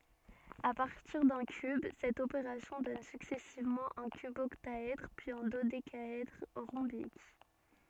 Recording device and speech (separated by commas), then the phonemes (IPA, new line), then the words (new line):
soft in-ear microphone, read sentence
a paʁtiʁ dœ̃ kyb sɛt opeʁasjɔ̃ dɔn syksɛsivmɑ̃ œ̃ kybɔktaɛdʁ pyiz œ̃ dodekaɛdʁ ʁɔ̃bik
À partir d'un cube, cette opération donne successivement un cuboctaèdre, puis un dodécaèdre rhombique.